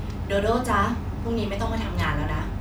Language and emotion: Thai, neutral